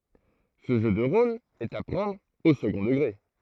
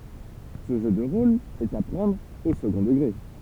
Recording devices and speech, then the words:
throat microphone, temple vibration pickup, read sentence
Ce jeu de rôle est à prendre au second degré.

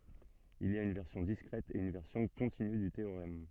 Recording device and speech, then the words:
soft in-ear microphone, read sentence
Il y a une version discrète et une version continue du théorème.

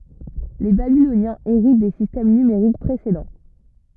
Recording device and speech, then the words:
rigid in-ear microphone, read sentence
Les Babyloniens héritent des systèmes numériques précédents.

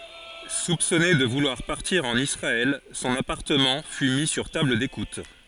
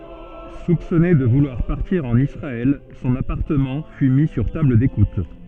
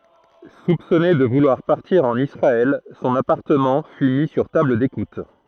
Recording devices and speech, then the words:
forehead accelerometer, soft in-ear microphone, throat microphone, read sentence
Soupçonné de vouloir partir en Israël, son appartement fut mis sur table d’écoute.

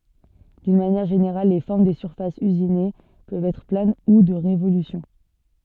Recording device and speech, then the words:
soft in-ear microphone, read sentence
D'une manière générale, les formes des surfaces usinées peuvent être planes ou de révolution.

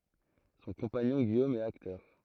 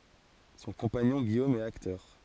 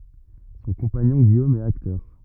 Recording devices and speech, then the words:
throat microphone, forehead accelerometer, rigid in-ear microphone, read sentence
Son compagnon, Guillaume, est acteur.

